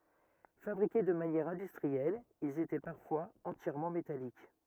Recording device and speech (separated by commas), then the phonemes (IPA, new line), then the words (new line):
rigid in-ear microphone, read sentence
fabʁike də manjɛʁ ɛ̃dystʁiɛl ilz etɛ paʁfwaz ɑ̃tjɛʁmɑ̃ metalik
Fabriqués de manière industrielle, ils étaient parfois entièrement métalliques.